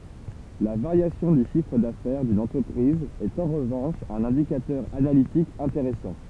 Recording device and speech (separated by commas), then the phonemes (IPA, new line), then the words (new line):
temple vibration pickup, read sentence
la vaʁjasjɔ̃ dy ʃifʁ dafɛʁ dyn ɑ̃tʁəpʁiz ɛt ɑ̃ ʁəvɑ̃ʃ œ̃n ɛ̃dikatœʁ analitik ɛ̃teʁɛsɑ̃
La variation du chiffre d'affaires d'une entreprise est en revanche un indicateur analytique intéressant.